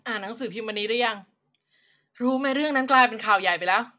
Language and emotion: Thai, frustrated